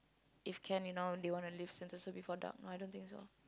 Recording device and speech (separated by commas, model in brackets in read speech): close-talking microphone, conversation in the same room